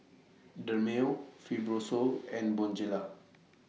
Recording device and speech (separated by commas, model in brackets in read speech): mobile phone (iPhone 6), read sentence